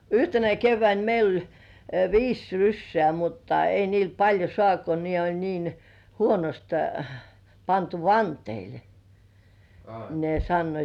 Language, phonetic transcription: Finnish, yhtenä 'kevväin meil ‿oĺ , "viis 'ryssĕä̀ mutta 'ei niil "paĺjo sŏànt ko ne oĺ niin , "huonost , 'pantu "vanteilᴇ , ne sannoit .
- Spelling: yhtenä keväänä meillä oli viisi rysää mutta ei niillä paljon saanut kun ne oli niin huonosti pantu vanteille ne sanoivat

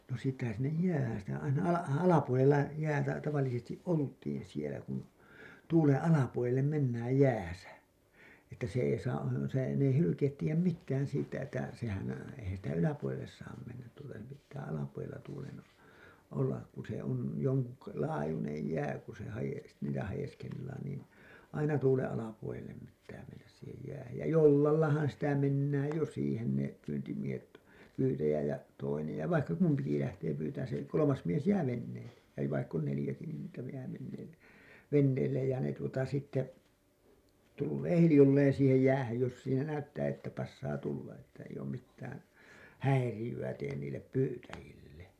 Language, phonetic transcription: Finnish, no siittähän sinnej "jäähän̬ , sitä aina 'ala- , 'alapuolella , jäätä , tavallisestiˀ "ˀolt̀iin sielä kun , tuulen 'alapuolellem 'mennääj 'jääsä , että se ei saa , se , n ‿ei 'hylykeet tiijäm "mittään siittä että , sehän , eihän sitä "yläpuolelles 'saam 'mennät tuulta , se pittää 'alapuolella tuulen , olla , ku se on joŋku(kaan) 'laajunej 'jää ku se hajes- , niitä hajeskellaan niin , 'aina 'tuleḛ '’alapuolellem§ pittää mennäs siihej jähäj ja "jollallahan sitä 'mennääj jo 'siihen ne , pyyntimiehet , 'pyytäjä , ja 'toinej ja vaikka 'kumpiki lähtee pyytään se , 'kolomas mies 'jää "venneelle , ja 'vaikk ‿on 'nelĭjäki niin niitä jää venneelle , 'venneellej jä ne tuota sitte , 'tullee "hilĭjolleen siihej 'jäähäj jos siinä näyttää että 'passaa 'tulla , että eij ‿oom mittään , "häirijy₍ä teen niillep "pyytäjille .
- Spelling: no siitähän sinne jäähän sitä aina - alapuolella jäätä tavallisesti oltiin siellä kun tuulen alapuolelle mennään jäässä että se ei saa se ne ei hylkeet tiedä mitään siitä että sehän eihän sitä yläpuolelle saa mennä tuulta se pitää alapuolella tuulen olla kun se on jonkun laajuinen jää kun se - niitä haeskellaan niin aina tulee alapuolelle pitää mennä siihen jäähän ja jollallahan sitä mennään jo siihen ne pyyntimiehet pyytäjä ja toinen ja vaikka kumpikin lähtee pyytämään se kolmas mies jää veneelle ja vaikka on neljäkin niin niitä jää veneelle veneelle ja ne tuota sitten tulee hiljalleen siihen jäähän jos siinä näyttää että passaa tulla että ei ole mitään häiriöitä tee niille pyytäjille

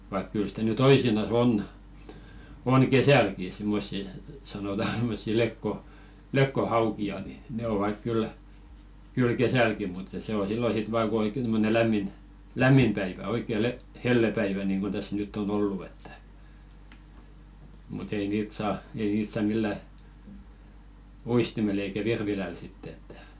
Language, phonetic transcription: Finnish, vaik 'kyl sitä ny "toisina's ‿on , on̳§ "kesälki simmossi , sanota [s]immossi 'lekko- , "lökko'hauki₍a ni , 'ne 'ovak kyl , kyl "kesälki muttᴀ se o 'sillo 'sit 'vaa ku oikken tommone lämmin , "lämmim päivä 'oikke le- 'hellepäivä niŋɢun täs 'nytt ‿on "ollu ettᴀ̈ , mut ‿ei 'niit "saa , ei 'niit sa "millä , "uistimel ‿eikä 'virviläl sittᵉ ‿ettᴀ̈ .
- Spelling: vaikka kyllä sitä nyt toisinaan on on kesälläkin semmoisia sanotaan semmoisia - lekkohaukia niin ne ovat kyllä kyllä kesälläkin mutta se on silloin sitten vain kun oikein tuommoinen lämmin lämmin päivä oikein - hellepäivä niin kuin tässä nyt on ollut että mutta ei niitä saa ei niitä saa millään uistimella eikä virvilällä sitten että

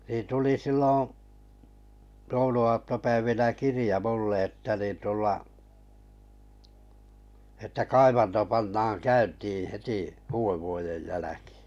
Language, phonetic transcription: Finnish, niin 'tuli 'silloo̰ , 'joulu₍aattopäivinä "kirⁱja 'mull ‿ètta nin tulla , että 'kaivanto pannaaŋ 'käyntii 'heti , 'uu₍evvuojej 'jäläkɪɪ .
- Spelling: niin tuli silloin jouluaattopäivinä kirja minulle että niin tulla että kaivanto pannaan käyntiin heti uudenvuoden jälkeen

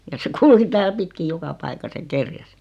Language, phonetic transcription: Finnish, ja se 'kulki tääl 'pitkiʲ "joka 'paikas ja "kerjäs .
- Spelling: ja se kulki täällä pitkin joka paikassa ja kerjäsi

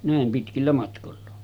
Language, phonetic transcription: Finnish, 'nä̀em 'pitkillä matkolla .
- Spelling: näin pitkillä matkoilla

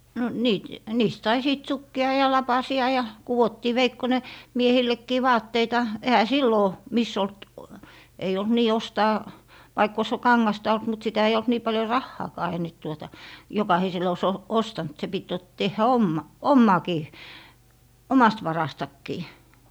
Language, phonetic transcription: Finnish, no , no 'niit , 'niist sai sìt "sukki₍a ja "lapasi₍a , ja 'kuwottii 'veikkone , 'miehillekkii "vaatteita , ehä "sillò , 'miss ‿olt , ei olt "nii 'ostaa , vaikk ‿oⁱs "kaŋŋasta olt mut sitä ei olt nii 'paljo "rahhaakaa ei nyt 'tuota , "jokahisel ‿ oⁱs 'o- , "ostant se pit jot - 'tehhä "omma- , ommàkii , "omast 'varastakkii .
- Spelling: no no niitä niistä sai sitten sukkia ja lapasia ja kudottiin veikkonen miehillekin vaatteita eihän silloin missään ollut ei ollut niin ostaa vaikka olisi kangasta ollut mutta sitä ei ollut niin paljon rahaakaan ei nyt tuota jokaisella olisi - ostanut se piti - tehdä - omaakin omasta varastakin

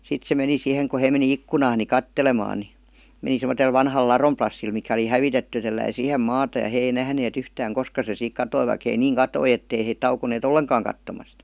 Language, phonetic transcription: Finnish, 'sit se meni 'sii-heŋ ku hei meni "ikkunaan ni "kattelemaan ni , 'meni semotel vanhal "larom plassil mikä oli "hävitetty ja telläi "siihem 'maata ja 'hee ei 'nähnee't ‿yhtääŋ "koska se siik 'katoi vaik hei 'niiŋ "katoi ettei heit taukonee"t ‿olleŋkaaŋ kattomast .
- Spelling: sitten se meni siihen kun he meni ikkunaan niin katselemaan niin meni semmoiselle vanhalle ladon plassille mikä oli hävitetty ja telläsi siihen maata ja he ei nähneet yhtään koska se siitä katosi vaikka he niin katsoi että ei he tauonneet ollenkaan katsomasta

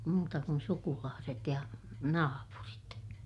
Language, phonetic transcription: Finnish, muuta kun sukulaaset ja , naapurit .
- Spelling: muuta kuin sukulaiset ja naapurit

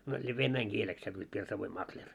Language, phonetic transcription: Finnish, no se 'vennäiŋ 'kieleks sannoit 'pirsavoim "makĺer .
- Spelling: no se venäjän kieleksi sanoivat pirsavoin makleri

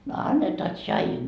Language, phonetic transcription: Finnish, » no 'annetaa tšaijuu . »
- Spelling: no annetaan tsaijua

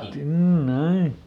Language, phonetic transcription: Finnish, ˈkyl "mn ‿ai .
- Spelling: kyllä minä aina

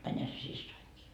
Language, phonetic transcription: Finnish, 'mäńhä se 'sissoiŋkii .
- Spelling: menihän se siskonikin

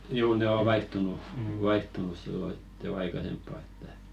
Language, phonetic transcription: Finnish, 'juu 'ne o "vaihtunu , vaihtunus sillo hit 'jo "aikasemppa että ,.
- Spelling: juu ne on vaihtunut vaihtunut silloin sitten jo aikaisempaan että

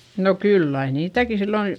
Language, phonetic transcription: Finnish, no kyll ‿ai niitäki silloin̬ ,.
- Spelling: no kyllä aina niitäkin silloin

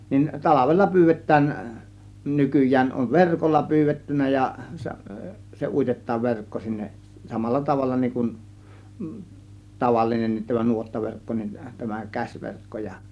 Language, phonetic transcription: Finnish, nin 'talavella 'py̬§yvet̆tään , 'nykyj̆jään on "verkolla 'pyyvettynnä ja , se 'uitet̆taav 'verkko sinneˀ , 'samalla tavalla niŋ kun , 'tavallinennit tämä 'nuottaverkko nin , tämä 'käśverkko ja .
- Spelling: niin talvella pyydetään nykyään on verkolla pyydetty ja se uitetaan verkko sinne samalla tavalla niin kuin tavallinenkin tämä nuottaverkko niin tämä käsiverkko ja

